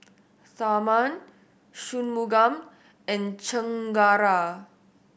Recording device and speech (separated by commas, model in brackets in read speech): boundary microphone (BM630), read sentence